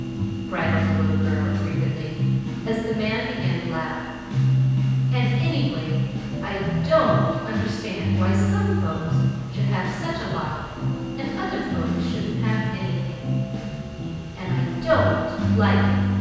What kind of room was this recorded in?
A very reverberant large room.